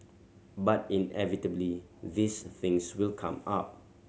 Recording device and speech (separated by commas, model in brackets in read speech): mobile phone (Samsung C7100), read sentence